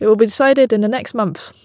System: none